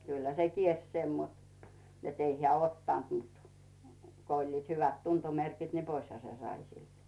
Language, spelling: Finnish, kyllähän se kielsi sen mutta että ei hän ottanut mutta kun olivat hyvät tuntomerkit ne poishan se sai siltä
- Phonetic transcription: 'kylhä se "kielś 'sen mut , net ei 'heä "ottant mut , ko 'oĺliit hyvät "tuntomerkit ne "poisha se 'sai silt .

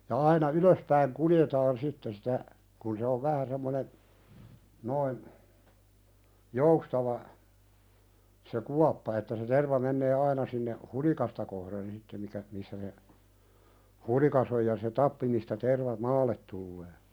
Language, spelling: Finnish, ja aina ylöspäin kuljetaan sitten sitä kun se on vähän semmoinen noin joustava se kuoppa että se terva menee aina sinne hulikasta kohden sitten mikä missä se hulikka on ja se tappi mistä terva maalle tulee
- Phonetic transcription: ja 'aina "ylöspäiŋ "kuljetaan 'sitte sitä , kun se ov 'vähä semmonen , noin , "joustava , se "kuappa että se 'terva mennee "aina sinneh , "hulikasta kohren 'sitte mikä , missä se , "hulikas ‿oj ja se 'tappi mistä terva "maallet tullee .

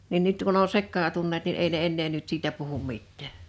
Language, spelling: Finnish, niin nyt kun on sekaantuneet niin ei ne enää nyt siitä puhu mitään
- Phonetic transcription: nin 'nyt kun ‿o 'sekkaatunnet nin ei ne 'ennee nyt 'siitä puhum 'mit̆tä̀ .

